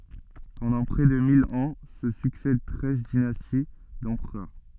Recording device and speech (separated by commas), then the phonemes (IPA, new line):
soft in-ear microphone, read sentence
pɑ̃dɑ̃ pʁɛ də mil ɑ̃ sə syksɛd tʁɛz dinasti dɑ̃pʁœʁ